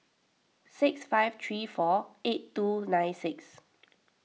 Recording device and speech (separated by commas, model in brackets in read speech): mobile phone (iPhone 6), read sentence